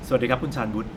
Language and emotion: Thai, neutral